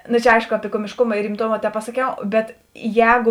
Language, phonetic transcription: Lithuanian, nu čia ˈaišku ˈapi komišˈkuma ir rimˈtoma tepasaˈkiau ˈbet ˈjēgu

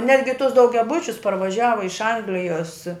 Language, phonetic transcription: Lithuanian, ˈnetgi tus daugiaˈbučius parvaˈžiava iš ˈanglijos

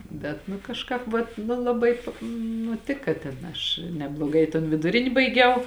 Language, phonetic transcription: Lithuanian, ˈbet nu kažˈkāp vat nu laˈbai ˈnu ˈtika ten ˈaš nebloˈgai i ton viduˈrini baiˈgiau

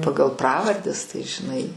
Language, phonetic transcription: Lithuanian, ˈpagal ˈpravardes tai žiˈnai

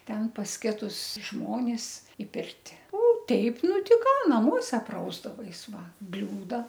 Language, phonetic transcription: Lithuanian, ˈten pas ˈkitus ˈžmonis i ˈpirti o ˈteip ˈnu ˈti ˈką naˈmuose ˈprausdavais ˈva ˈbliūda

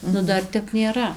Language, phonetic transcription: Lithuanian, ˈnu ˈdar ˈtep nėˈra

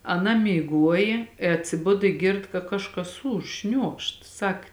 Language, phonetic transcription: Lithuanian, aˈna myˈguojė i atsiˈbud i ˈgird ka ˈkažˌkas ˈūž ˈšniuokšt ˈsak

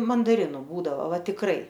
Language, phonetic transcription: Lithuanian, mandaˈrinu ˈbūdavo ˈva tikˈrai

